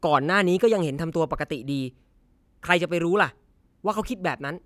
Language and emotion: Thai, frustrated